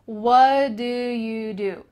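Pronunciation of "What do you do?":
In 'What do you do?', the t at the end of 'what' is cut out, and 'what' is linked together with the following 'do'.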